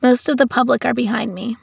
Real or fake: real